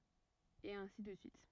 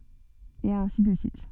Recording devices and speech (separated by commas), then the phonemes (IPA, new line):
rigid in-ear microphone, soft in-ear microphone, read sentence
e ɛ̃si də syit